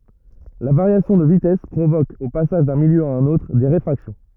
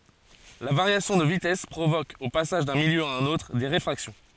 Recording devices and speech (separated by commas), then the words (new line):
rigid in-ear microphone, forehead accelerometer, read sentence
La variation de vitesse provoque, au passage d'un milieu à un autre, des réfractions.